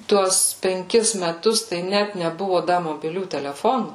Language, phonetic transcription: Lithuanian, ˈtuos penˈkis meˈtus tai ˈnæt neˈbuvo ˈda mobiˈlių teleˈfonų

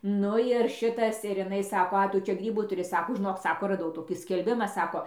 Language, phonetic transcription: Lithuanian, ˈnu ir ˈšitas ir iˈnai ˈsako ˈa ˈtu ˈčia ˈgrybų tuˈri ˈsako žiˈnok ˈsako raˈdau ˈtokį skelˈbima ˈsako

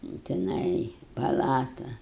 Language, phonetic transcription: Lithuanian, jau tiˈnai paˈlatu

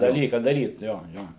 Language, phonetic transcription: Lithuanian, daˈlyką daˈryt ˈjo ˈjo

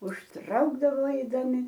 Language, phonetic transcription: Lithuanian, užˈtraukdavo aidaˈmi

